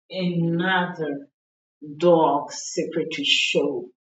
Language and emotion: English, disgusted